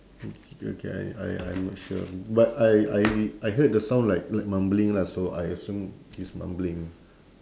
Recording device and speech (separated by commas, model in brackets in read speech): standing microphone, conversation in separate rooms